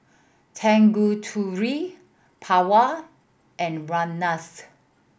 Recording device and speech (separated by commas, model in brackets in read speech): boundary microphone (BM630), read sentence